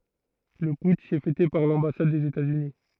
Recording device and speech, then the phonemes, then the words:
throat microphone, read sentence
lə putʃ ɛ fɛte paʁ lɑ̃basad dez etaz yni
Le putsch est fêté par l’ambassade des États-Unis.

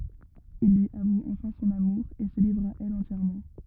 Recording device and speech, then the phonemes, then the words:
rigid in-ear microphone, read sentence
il lyi avu ɑ̃fɛ̃ sɔ̃n amuʁ e sə livʁ a ɛl ɑ̃tjɛʁmɑ̃
Il lui avoue enfin son amour, et se livre à elle entièrement.

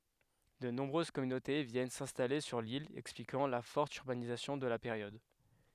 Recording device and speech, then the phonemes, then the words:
headset microphone, read sentence
də nɔ̃bʁøz kɔmynote vjɛn sɛ̃stale syʁ lil ɛksplikɑ̃ la fɔʁt yʁbanizasjɔ̃ də la peʁjɔd
De nombreuses communautés viennent s’installer sur l’île, expliquant la forte urbanisation de la période.

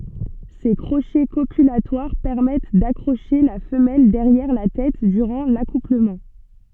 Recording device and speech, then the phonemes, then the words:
soft in-ear microphone, read sentence
se kʁoʃɛ kopylatwaʁ pɛʁmɛt dakʁoʃe la fəmɛl dɛʁjɛʁ la tɛt dyʁɑ̃ lakupləmɑ̃
Ces crochets copulatoires permettent d'accrocher la femelle derrière la tête durant l'accouplement.

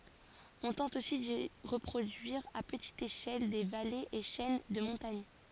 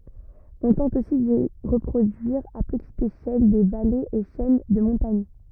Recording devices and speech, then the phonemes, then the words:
forehead accelerometer, rigid in-ear microphone, read sentence
ɔ̃ tɑ̃t osi di ʁəpʁodyiʁ a pətit eʃɛl de valez e ʃɛn də mɔ̃taɲ
On tente aussi d'y reproduire à petite échelle des vallées et chaînes de montagnes.

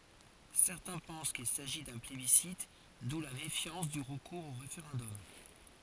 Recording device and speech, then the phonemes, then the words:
forehead accelerometer, read sentence
sɛʁtɛ̃ pɑ̃s kil saʒi dœ̃ plebisit du la mefjɑ̃s dy ʁəkuʁz o ʁefeʁɑ̃dɔm
Certains pensent qu'il s'agit d'un plébiscite d'où la méfiance du recours au référendum.

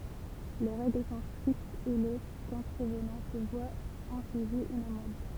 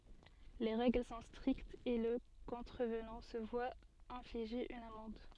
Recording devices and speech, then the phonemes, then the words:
temple vibration pickup, soft in-ear microphone, read sentence
le ʁɛɡl sɔ̃ stʁiktz e lə kɔ̃tʁəvnɑ̃ sə vwa ɛ̃fliʒe yn amɑ̃d
Les règles sont strictes et le contrevenant se voit infliger une amende.

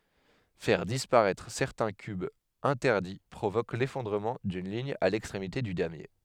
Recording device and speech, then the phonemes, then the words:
headset microphone, read sentence
fɛʁ dispaʁɛtʁ sɛʁtɛ̃ kybz ɛ̃tɛʁdi pʁovok lefɔ̃dʁəmɑ̃ dyn liɲ a lɛkstʁemite dy damje
Faire disparaître certains cubes interdits provoque l'effondrement d'une ligne à l'extrémité du damier.

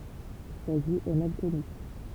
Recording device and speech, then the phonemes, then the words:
temple vibration pickup, read sentence
sa vi ɛ mal kɔny
Sa vie est mal connue.

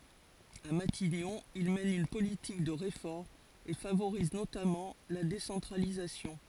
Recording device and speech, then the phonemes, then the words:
forehead accelerometer, read sentence
a matiɲɔ̃ il mɛn yn politik də ʁefɔʁmz e favoʁiz notamɑ̃ la desɑ̃tʁalizasjɔ̃
À Matignon, il mène une politique de réformes et favorise notamment la décentralisation.

